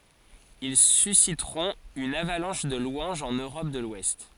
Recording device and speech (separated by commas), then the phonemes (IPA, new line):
forehead accelerometer, read sentence
il sysitʁɔ̃t yn avalɑ̃ʃ də lwɑ̃ʒz ɑ̃n øʁɔp də lwɛst